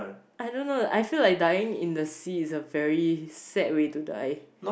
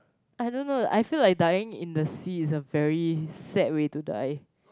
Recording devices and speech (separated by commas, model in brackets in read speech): boundary microphone, close-talking microphone, conversation in the same room